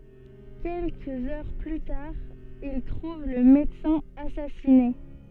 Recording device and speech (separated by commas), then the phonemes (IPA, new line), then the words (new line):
soft in-ear microphone, read sentence
kɛlkəz œʁ ply taʁ il tʁuv lə medəsɛ̃ asasine
Quelques heures plus tard, il trouve le médecin assassiné.